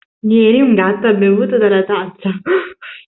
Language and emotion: Italian, happy